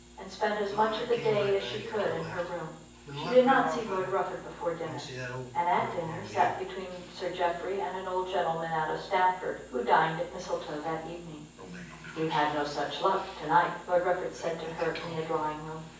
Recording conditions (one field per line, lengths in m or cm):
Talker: one person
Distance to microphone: 9.8 m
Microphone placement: far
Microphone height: 1.8 m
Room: large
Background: television